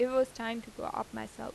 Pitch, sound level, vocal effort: 230 Hz, 86 dB SPL, normal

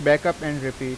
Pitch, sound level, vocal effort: 145 Hz, 91 dB SPL, normal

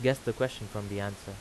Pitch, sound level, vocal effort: 105 Hz, 85 dB SPL, normal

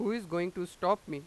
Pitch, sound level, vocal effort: 180 Hz, 94 dB SPL, loud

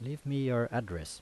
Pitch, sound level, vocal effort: 120 Hz, 82 dB SPL, normal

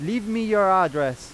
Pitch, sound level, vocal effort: 190 Hz, 99 dB SPL, very loud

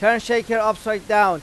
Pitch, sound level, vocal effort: 220 Hz, 99 dB SPL, loud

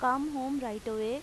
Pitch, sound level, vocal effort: 255 Hz, 90 dB SPL, loud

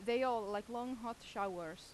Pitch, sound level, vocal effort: 230 Hz, 88 dB SPL, loud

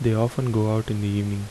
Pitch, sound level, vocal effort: 110 Hz, 75 dB SPL, soft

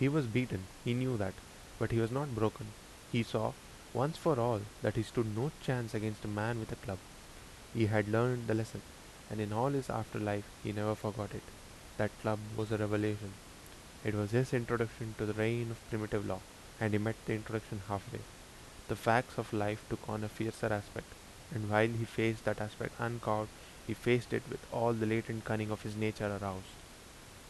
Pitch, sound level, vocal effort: 110 Hz, 80 dB SPL, normal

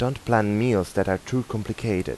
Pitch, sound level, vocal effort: 110 Hz, 84 dB SPL, normal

